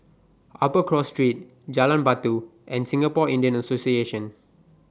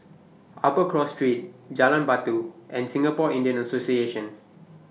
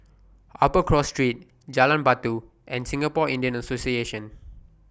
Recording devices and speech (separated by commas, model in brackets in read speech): standing microphone (AKG C214), mobile phone (iPhone 6), boundary microphone (BM630), read sentence